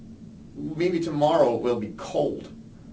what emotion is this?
neutral